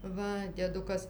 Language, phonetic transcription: Lithuanian, ˈva dieˈdukas

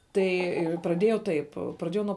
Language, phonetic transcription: Lithuanian, ˈtai praˈdėjau ˈtaip praˈdėjau nuo

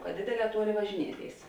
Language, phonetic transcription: Lithuanian, ka ˈdėdėˌlē ˈtuoˌlėi važiˈnieˌtėis

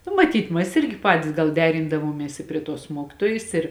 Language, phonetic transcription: Lithuanian, nu maˈtyt mas ˈirgi ˈpatis gal ˈderindavuomies i prie ˈtuos ˈmuokitojis ˈir

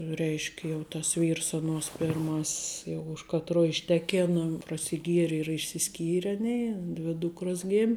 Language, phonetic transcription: Lithuanian, ˈreišk' jau tas ˈvyrs aˈnuos pirˈmas's jau už katˈruo išˈtekėna prasiˈgieri ir i išsiˈskyre ˈaˌnėi ˈdvi ˈdūkros ˈgėm'

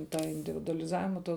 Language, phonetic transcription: Lithuanian, ˈtą individualiˈzavima to

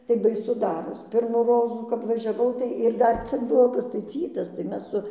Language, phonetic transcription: Lithuanian, tai baiˈsu ˈdaros ˈpirmų ˈrozų kap važiaˈvau ˈtai ir ˈdar ˈcik ˈbuvo pastaˈcytas tai ˈmes su

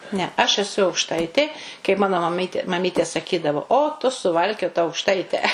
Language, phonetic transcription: Lithuanian, ne aš eˈsu aukˈštaitė kaip ˈmano maˈmytė maˈmytė saˈkydavo o tu suˈvalkiota aukˈštaite

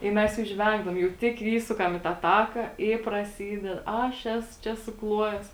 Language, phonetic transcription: Lithuanian, i ˈmes jau ˈžvengdavom jau ˈtik ˈįsukam į tą ˈtaka i praˈsyded ˈaš ˈesu ˈčia suˈkluojes

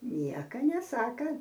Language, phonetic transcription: Lithuanian, ˈnieka neˈsaka

